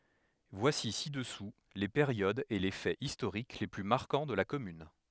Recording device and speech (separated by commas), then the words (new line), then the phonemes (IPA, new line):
headset microphone, read sentence
Voici ci-dessous les périodes et les faits historiques les plus marquants de la commune.
vwasi sidəsu le peʁjodz e le fɛz istoʁik le ply maʁkɑ̃ də la kɔmyn